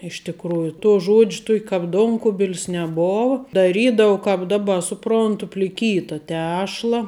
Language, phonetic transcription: Lithuanian, iš tikˈrųju to ˈžodž' tok' kap ˈdonkubil's neˈbov daˈrydau kap ˈdaˌba suˈprontu pliˈkyta ˈtešla

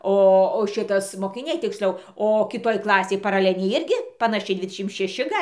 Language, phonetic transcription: Lithuanian, ˈo o ˈšitas mokiˈniai tiksˈliau o kiˈtoj ˈklasėj paraˈlenėj ˈirgi panaˈšiai ˈdvidešim šeˈši ˈgalˈ

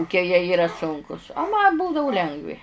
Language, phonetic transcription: Lithuanian, kuˈkie jie ˈyra ˈsunkus a ˈma ˈbūdavu ˈlengvi

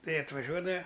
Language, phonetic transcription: Lithuanian, ˈtai atvaˈžiuodava

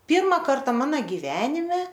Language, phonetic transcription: Lithuanian, ˈpyrma ˈkarta ˈmana giˈvenime

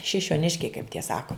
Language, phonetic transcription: Lithuanian, šišioˈniškiai kaip tie ˈsako

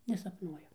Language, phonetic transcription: Lithuanian, nesapˈnuoju

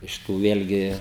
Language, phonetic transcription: Lithuanian, ˈiš tų ˈvėlgi

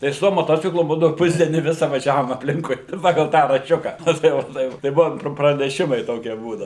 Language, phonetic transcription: Lithuanian, tai su ˈtuo moˈtociklu ˈbūdau ˈpusdienį ˈvisa vaˈžiavom apˈlinkui ˈpagal ˈtą rašˈčiuka ˈna tai ˈva ˈtai va tai ˈbuvom praneˈšimai ˈtokie ˈbūdau

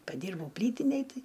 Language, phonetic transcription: Lithuanian, paˈdyrbau ˈplytinėj ˈtai

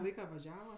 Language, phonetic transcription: Lithuanian, ˈlaika vaˈžiava

